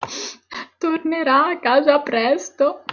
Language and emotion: Italian, sad